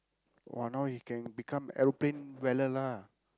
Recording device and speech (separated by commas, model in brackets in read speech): close-talking microphone, conversation in the same room